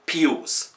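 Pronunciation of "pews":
The name 'Pius' is pronounced incorrectly here, said as 'pews'.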